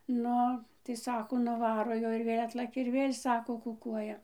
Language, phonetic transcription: Lithuanian, ˈnu tai ˈsako nuˈvaro ˈjoj ir ˈvėl' ˈatlakia ir ˈvėl' ˈsako kuˈkuoja

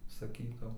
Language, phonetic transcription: Lithuanian, saˈkytau

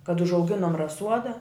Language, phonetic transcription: Lithuanian, kad užauˈginom raˈsuoda

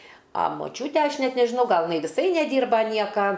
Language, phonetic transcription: Lithuanian, a moˈčiūte ˈaš ˈnet nežiˈnau ˈgal jiˈnai viˈsai neˈdyrba ˈnieka

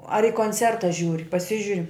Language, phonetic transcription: Lithuanian, ar i konˈcerta ˈžiūri paˈsižiuri

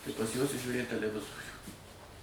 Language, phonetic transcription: Lithuanian, tai pas juos i žiūˈrėt teleˈvizorių

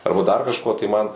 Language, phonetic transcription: Lithuanian, ˈarba dar kažˈko tai ˈman

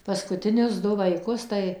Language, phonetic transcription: Lithuanian, ˌpaskutiˈnius ˈdu vaiˈkus tai

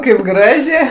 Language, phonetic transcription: Lithuanian, kaip ˈgražė

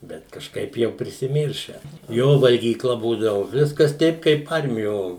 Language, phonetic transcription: Lithuanian, ˈbet kažˈkaip ˈjau prisiˈmyršę ˈjo valgyˈkla ˈbūdavu ˈviskas ˈteip kaip ˈarmijo

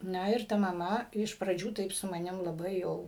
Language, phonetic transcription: Lithuanian, ˈna ir ˈta maˈma iš praˈdžių ˈtaip su maˈnim laˈbai jau

